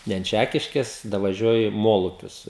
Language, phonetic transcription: Lithuanian, ˈne ant ˈčækiškės davaˈžiuoji ˈmolupius

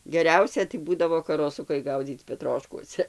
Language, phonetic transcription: Lithuanian, geˈriausia tai ˈbūdavo karoˈsukai ˈgaudzyc peˈtroškuose

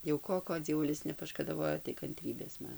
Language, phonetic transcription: Lithuanian, jau ˈko ˈko dzieˈvulis nepaškadaˈvojo tai kanˈtrybės ˈman

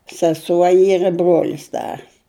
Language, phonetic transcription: Lithuanian, saˈsuo ˈyr i ˈbruolis ˈdar

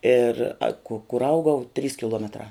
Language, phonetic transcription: Lithuanian, ir a ku kur ˈaugau trys kiˈluometrā

